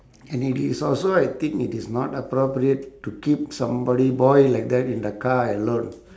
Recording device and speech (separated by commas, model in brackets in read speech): standing microphone, conversation in separate rooms